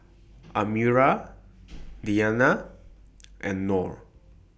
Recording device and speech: boundary microphone (BM630), read sentence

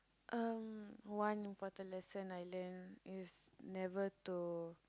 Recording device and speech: close-talking microphone, conversation in the same room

